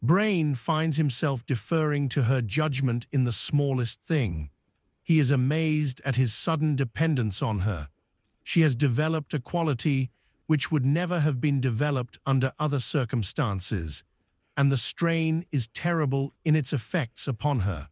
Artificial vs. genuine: artificial